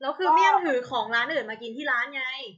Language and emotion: Thai, angry